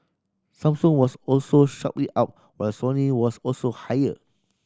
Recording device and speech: standing microphone (AKG C214), read sentence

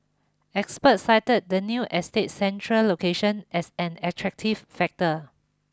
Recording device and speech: close-talking microphone (WH20), read sentence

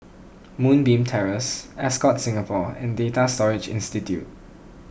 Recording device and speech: boundary microphone (BM630), read sentence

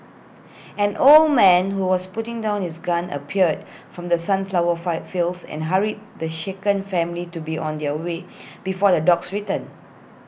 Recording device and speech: boundary microphone (BM630), read sentence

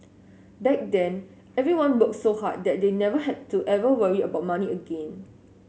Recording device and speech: mobile phone (Samsung S8), read sentence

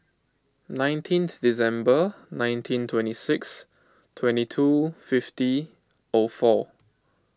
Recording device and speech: close-talking microphone (WH20), read sentence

